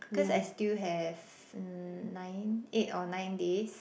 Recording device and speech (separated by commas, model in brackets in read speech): boundary microphone, conversation in the same room